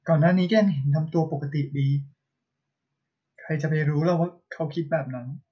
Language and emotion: Thai, sad